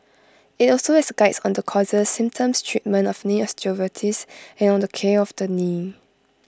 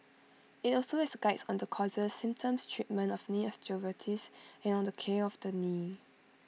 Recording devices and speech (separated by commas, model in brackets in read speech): close-talking microphone (WH20), mobile phone (iPhone 6), read sentence